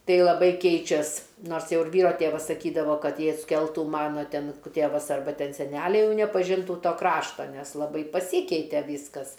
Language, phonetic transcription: Lithuanian, ˈtai laˈbai ˈkeičias ˈnors ˈjau ir ˈvyro ˈtėvas saˈkydavo ˈkad ˈjei atsˈkeltu ˈmano ˈten k ˈtėvas arˈba ˈten seˈnæliai ˈjau nepaˈžintų ˈto ˈkrašto nes laˈbai paˈsykeitė ˈvyskas

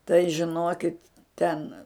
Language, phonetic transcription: Lithuanian, tai žiˈnokit ˈten

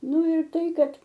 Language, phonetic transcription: Lithuanian, ˈnu ir ˈtai ˈkad

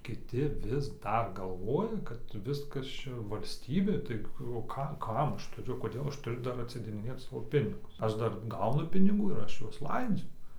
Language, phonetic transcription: Lithuanian, kiˈti vis ˈdar galˈvoja kad ˈviskas ˈčia valsˈtybė ˈtai o ˈka ˈkam ˈaš tuˈriu koˈdėl ˈaš tuˈriu ˈdar atsidėdiˈnėt ˈsavo ˈpinigus ˈaš ˈdar ˈgaunu piniˈgų ir ˈaš ˈjuos ˈlaidziu

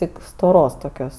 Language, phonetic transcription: Lithuanian, ˈtik stoˈros toˈkios

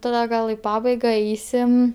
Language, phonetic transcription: Lithuanian, taˈda ˈgal i ˈpabaiga ˈeisim

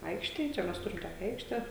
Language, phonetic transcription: Lithuanian, ˈaikštėj ˈčia ˈmes ˈturim ˈtokia ˈaikšte

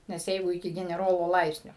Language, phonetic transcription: Lithuanian, nes ˈjeigu iˈki geneˈrolo ˈlaipsnio

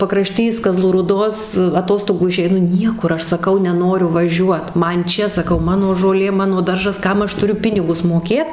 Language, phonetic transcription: Lithuanian, pakraˈštys kaˈzlų rūˈdos aˈtostogų išeiˈnu ˈniekur ˈaš saˈkau neˈnoriu vaˈžiuot ˈman ˈčia saˈkau ˈmano žoˈlė ˈmano ˈdaržas ˈkam aš tuˈriu ˈpinigus moˈkėt

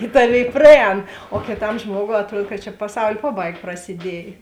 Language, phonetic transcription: Lithuanian, i ˈtaˌvėi praˈēn o kiˈtam ˈžmuogou atˈruod kad čia paˈsaul' ˈpaˌbaig prasiˈdiej

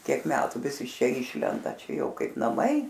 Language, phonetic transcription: Lithuanian, ˈtiek ˈmetu ˈvis iš ˈčia ˈyšlenda ˈčia ˈjau ˈkaip naˈmai

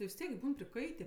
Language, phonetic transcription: Lithuanian, ti vis ˈtiek ˈbūn priˈkaitė

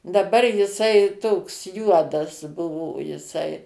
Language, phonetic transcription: Lithuanian, daˈbar jiˈsai ˈtoks ˈjuodas ˈbuvo jiˈsai

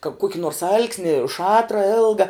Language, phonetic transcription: Lithuanian, ka ˈkuoki nors ˈal'ksni ˈšatra ˈilga

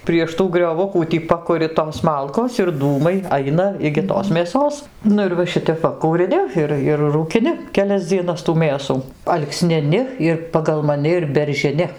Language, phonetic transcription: Lithuanian, prieš ˈtų grioˈvukų tį ˈpakuri tos ˈmalkos ir ˈdūmai ˈaina igi ˈtos mėˈsos ˈnu ir va ˈšitep ˈva kūriˈni ˈir ir rūkiˈni keˈlias dzieˈnas tų ˈmėsų alksniˈni ir pagal maˈni ir beržiˈni

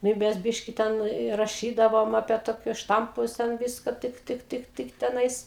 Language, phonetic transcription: Lithuanian, nu i ˈmes ˈbiški ˈten i raˈšydavom apie toˈkius ˈštampus ˈten ˈviska ˈtɨk ˈtɨk ˈtɨk ˈtɨk teˈnais

